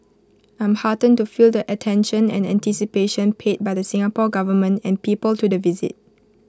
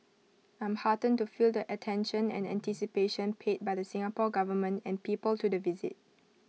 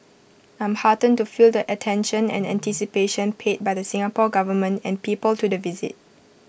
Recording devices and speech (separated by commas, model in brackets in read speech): close-talking microphone (WH20), mobile phone (iPhone 6), boundary microphone (BM630), read sentence